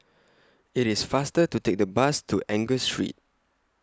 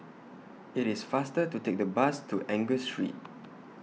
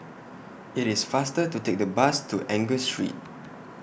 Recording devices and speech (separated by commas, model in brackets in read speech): close-talking microphone (WH20), mobile phone (iPhone 6), boundary microphone (BM630), read sentence